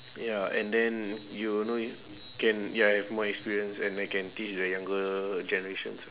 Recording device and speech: telephone, conversation in separate rooms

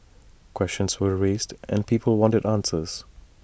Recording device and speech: boundary microphone (BM630), read sentence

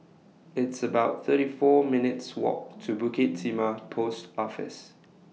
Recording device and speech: mobile phone (iPhone 6), read sentence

